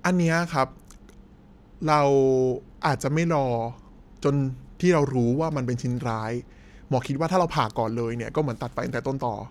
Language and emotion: Thai, neutral